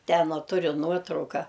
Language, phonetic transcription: Lithuanian, ˈten a ˈturiu ˈnuotrauka

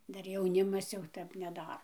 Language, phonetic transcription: Lithuanian, ˈdar jauˈnimas jau ˈtep neˈdaro

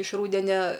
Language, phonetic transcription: Lithuanian, iš ˈrūdenia

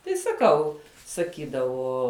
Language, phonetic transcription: Lithuanian, tai saˈkau saˈkydavo

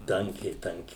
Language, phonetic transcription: Lithuanian, ˈtankiai ˈtankiai

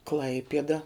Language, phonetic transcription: Lithuanian, ˈklaipieda

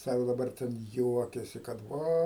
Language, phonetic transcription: Lithuanian, ˈsako daˈbar ten ˈjuokiasi kad ˈva

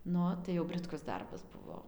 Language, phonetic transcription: Lithuanian, nu ˈo tai jau britˈkus ˈdarbas ˈbuvo

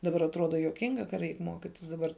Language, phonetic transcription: Lithuanian, daˈbar atˈruoda juoˈkinga ka ˈreik ˈmuokitis daˈbar

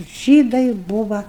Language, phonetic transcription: Lithuanian, ˈžydai ˈbuva

